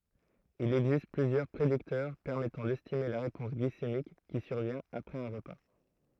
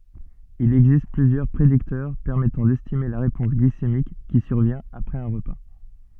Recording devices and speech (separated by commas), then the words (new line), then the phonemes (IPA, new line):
throat microphone, soft in-ear microphone, read sentence
Il existe plusieurs prédicteurs permettant d’estimer la réponse glycémique qui survient après un repas.
il ɛɡzist plyzjœʁ pʁediktœʁ pɛʁmɛtɑ̃ dɛstime la ʁepɔ̃s ɡlisemik ki syʁvjɛ̃t apʁɛz œ̃ ʁəpa